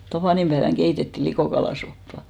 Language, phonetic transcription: Finnish, 'tapànimʙäeväŋ 'ɢeitettì 'likòkalàsoppa .
- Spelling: tapaninpäivänä keitettiin likokalasoppaa

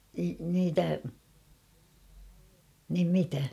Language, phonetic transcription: Finnish, niitä , nim 'mitä ?
- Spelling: niitä niin mitä

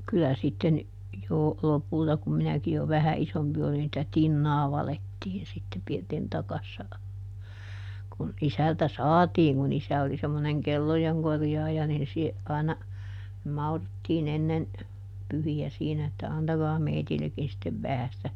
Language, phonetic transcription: Finnish, ˈkylä sitten , jo , ˈlopulta kum ˈminäki jo "vähä ˈʼisompi olin [si]tä "tinnaa ˈvalettiin sitte ˈpirtin ˈtakassa , kun ˈisältä "saatiiŋ kun ˈisä oli semmoneŋ "kellojeŋ ˈkorjaaja nin sie- , àina , ˈmauruttiiˈn ‿ennen , ˈpyhi₍ä siinä että » ˈantagaa ˈmeitillekkin sittev ˈvähä sⁱtä » ,.
- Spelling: kyllä sitten jo lopulta kun minäkin jo vähän isompi olin sitä tinaa valettiin sitten pirtin takassa kun isältä saatiin kun isä oli semmoinen kellojen korjaaja niin - aina mauruttiin ennen pyhiä siinä että antakaa meillekin sitten vähän sitä

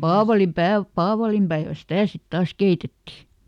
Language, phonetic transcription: Finnish, "paavalim"päev , ˈpaavalimpäevän̬ "sitä̀ sit ˈtaas ˈkeitetti .
- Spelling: paavalinpäivä paavalinpäivänä sitä sitten taas keitettiin

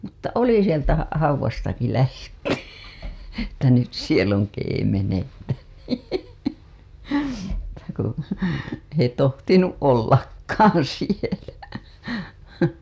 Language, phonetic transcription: Finnish, mutta "oli 'sieltä ha- , 'hauw̆wastaki lähetty , että nyt siel ‿oŋ keemenettä , että ku , ei tohtinu' '’ollakkaan̬ sielä .
- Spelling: mutta oli sieltä - haudastakin lähdetty että nyt siellä on keemenettä että kun ei tohtinut ollakaan siellä

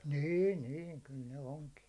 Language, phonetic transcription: Finnish, nîn 'niin , kyl ne 'oŋki .
- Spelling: niin niin kyllä ne onki

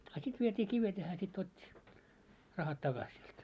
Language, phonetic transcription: Finnish, a 'sit viet́ii kivet ja hää sit 'ot́t́i , 'rahat 'taɢas siult .
- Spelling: a sitten vietiin kivet ja hän sitten otti rahat takaisin sinulta

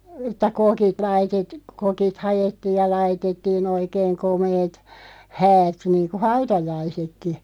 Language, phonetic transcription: Finnish, ᵉt̆tä "kokit 'laitet- , "kokit 'hajettiiʲ ja 'laitettii'n ‿oikeeŋ "komeet , 'häät niiŋku "hautajaisekki .
- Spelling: että kokit - kokit haettiin ja laitettiin oikein komeat häät niin kuin hautajaisetkin

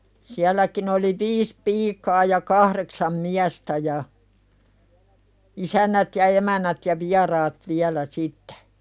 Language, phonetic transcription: Finnish, 'siälläkin ‿oli "viis 'piikaa ja 'kahreksam "miästä ja , 'isännät ja 'emän̆nät ja "viaraat 'viälä 'sittᴇ .
- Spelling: sielläkin oli viisi piikaa ja kahdeksan miestä ja isännät ja emännät ja vieraat vielä sitten

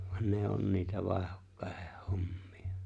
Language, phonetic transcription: Finnish, van 'ne on niitä 'vàehokkàeʜᴇʜ 'hommɪ₍ᴀ .
- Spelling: vaan ne on niitä vaihdokkaiden hommia

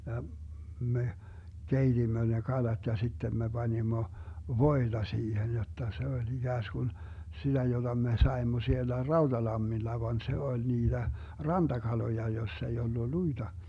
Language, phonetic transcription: Finnish, ja , me , "keitimmö ne "kalat ja 'sitten me 'Banimmo , "voiDa 'siihen jotta se oĺ 'iGääsGun , 'siDä joDa 'me 'saemmo 'siellä "RauDalammilla van 'se oĺ 'niiDä , "rantakaloja 'joss ‿ei ollu 'luiDa .
- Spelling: ja me keitimme ne kalat ja sitten me panimme voita siihen jotta se oli ikään kuin sitä jota me saimme siellä Rautalammilla vaan se oli niitä rantakaloja jossa ei ollut luita

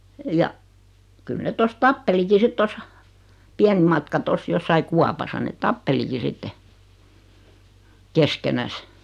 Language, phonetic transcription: Finnish, ja , 'kyl net 'tos "tappeliki 'sit tos , 'piän(em) matka 'tos 'jossai "kuapasa net "tappeliki 'sitte , "keskenäs .
- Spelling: ja kyllä ne tuossa tappelikin sitten tuossa pienen matkan tuossa jossakin kaupassa ne tappelikin sitten keskenänsä

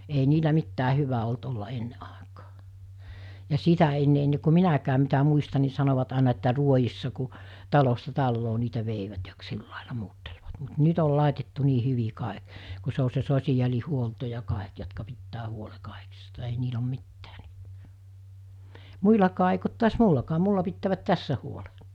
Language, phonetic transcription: Finnish, ei 'niilä 'mittää 'hyvä olt olla 'enne ’àekaa , ja 'sitä enne enne ku 'minäkääm mitä 'muista ni sanovat àena että 'ruojissa ku , 'talosta 'talloo niitä 'veivät ja k- 'sillàela 'muuttelvat mut 'nyt ‿ol làetettu nii 'hyvi 'kàek , ku se o se 'sosi₍aĺihuolto ja 'kàek jotka 'pittää 'huole 'kàekista ei 'niil ‿om 'mittää (nyt) , 'muilakaa eik ‿ot tuas "mullakaa 'mulla pittäävät 'tässä huole .
- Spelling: ei niillä mitään hyvä ollut olla ennen aikaa ja sitä ennen ennen kuin minäkään mitä muistan niin sanoivat aina että ruodissa kun talosta taloon niitä veivät ja - sillä lailla muuttelivat mutta nyt oli laitettu niin hyvin kaikki kun se on se sosiaalihuolto ja kaikki jotka pitää huolen kaikista ei niillä ole mitään nyt muillakaan eikä ole taas minullakaan minulla pitävät tässä huolen

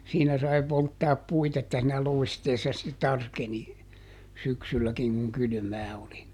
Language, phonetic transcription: Finnish, ˈsiinä sai ˈpolttaap "puit ‿että siinä "loi̮steessa ste ˈtarkeni , ˈsyksylläkiŋ kuŋ ˈkylʸmää oli .
- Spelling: siinä sai polttaa puita että siinä loisteessa sitten tarkeni syksylläkin kun kylmää oli

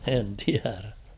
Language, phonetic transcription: Finnish, 'en tiärä .
- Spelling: en tiedä

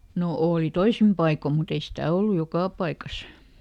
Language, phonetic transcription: Finnish, no ˈooli "toisim ˈpaiko mut ‿ei "stä̀ ollu "jokà paikas .
- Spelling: no oli toisin paikoin mutta ei sitä ollut joka paikassa

